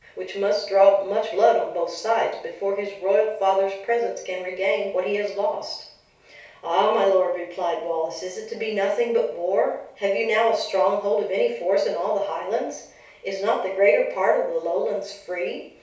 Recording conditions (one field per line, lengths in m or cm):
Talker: one person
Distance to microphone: 3.0 m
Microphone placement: far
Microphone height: 1.8 m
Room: small (3.7 m by 2.7 m)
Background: none